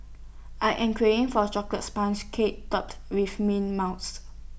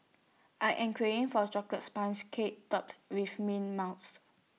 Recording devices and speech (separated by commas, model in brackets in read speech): boundary microphone (BM630), mobile phone (iPhone 6), read sentence